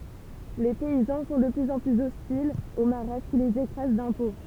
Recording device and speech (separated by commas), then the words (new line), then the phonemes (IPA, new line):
temple vibration pickup, read sentence
Les paysans sont de plus en plus hostiles aux Mahrattes qui les écrasent d'impôts.
le pɛizɑ̃ sɔ̃ də plyz ɑ̃ plyz ɔstilz o maʁat ki lez ekʁaz dɛ̃pɔ̃